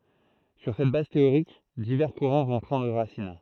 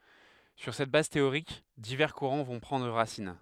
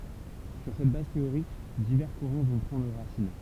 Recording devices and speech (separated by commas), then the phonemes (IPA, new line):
throat microphone, headset microphone, temple vibration pickup, read sentence
syʁ sɛt baz teoʁik divɛʁ kuʁɑ̃ vɔ̃ pʁɑ̃dʁ ʁasin